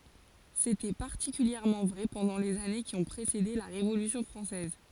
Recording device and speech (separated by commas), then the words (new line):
forehead accelerometer, read sentence
C'était particulièrement vrai pendant les années qui ont précédé la Révolution française.